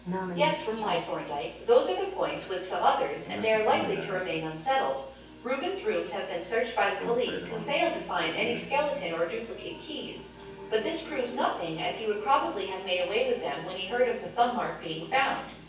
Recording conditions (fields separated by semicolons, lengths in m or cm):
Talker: one person; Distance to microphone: 9.8 m; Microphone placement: far; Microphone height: 1.8 m; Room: large; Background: television